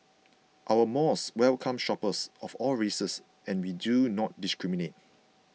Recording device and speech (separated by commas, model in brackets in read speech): mobile phone (iPhone 6), read sentence